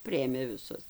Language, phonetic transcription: Lithuanian, ˈpriėmė viˈsus

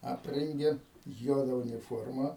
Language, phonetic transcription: Lithuanian, ˈaprengė ˈjuoda uniˈformą

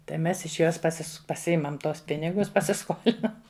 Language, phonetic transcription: Lithuanian, tai ˈmes iš ˈjos paˈsis paˈsiimam ˈtuos ˈpinigus pasiˈskolinam

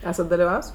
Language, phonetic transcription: Lithuanian, ˈesat daliˈvavs

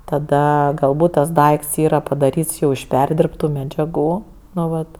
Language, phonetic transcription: Lithuanian, taˈda galˈbūt tas ˈdaikts ˈyra padaˈryts ˈjau iš ˈperdirbtu medžiaˈgų ˈnu ˈvat

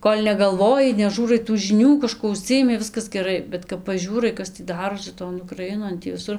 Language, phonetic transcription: Lithuanian, ˈkol' negalˈvoji neˈžiūrai tų žiˈnių kaˈžkuo uˈžsijimi ˈviskas geˈrai bet kap paˈžiūrai ˈkas tį ˈdarosi ton ukraˈinon ˈtį viˈsur

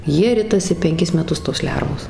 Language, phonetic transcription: Lithuanian, ˈjie ˈritasi penˈkis meˈtus tos ˈlervos

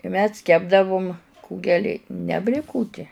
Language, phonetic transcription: Lithuanian, i ˈmes ˈkepdavum ˈkūgeli ne blėˈkutie

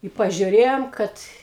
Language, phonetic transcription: Lithuanian, i pažiuˈrėjom ˈkad

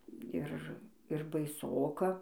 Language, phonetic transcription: Lithuanian, ˈir ir baiˈsoka

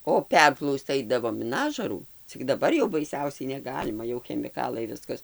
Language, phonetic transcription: Lithuanian, o ˈperplausc ˈaidavom in ˈažarų cik daˈbar jau baiˈsiausiai neˈgalima jau chemiˈkalai ˈviskas

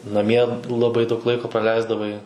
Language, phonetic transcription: Lithuanian, naˈmie laˈbai daug ˈlaiko praˈleisdavai

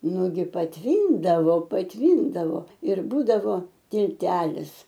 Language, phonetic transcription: Lithuanian, ˈnugi patˈvyndavo patˈvyndavo ir ˈbūdavo tilˈtelis

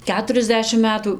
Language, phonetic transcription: Lithuanian, ˈketuriasˌdešim ˈmetų

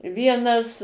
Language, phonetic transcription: Lithuanian, ˈvienas

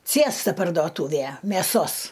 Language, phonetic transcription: Lithuanian, ˈcėsta pardoˈtūvė mėˈsos

